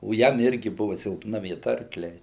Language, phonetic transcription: Lithuanian, o ˈjam ˈirgi ˈbuvu silpˈna vieˈta arkˈliai

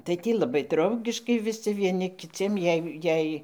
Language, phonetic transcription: Lithuanian, tai ˈtį laˈbai ˈdraugiškai viˈsi vieˈni kiˈciem ˈjei ˈjei

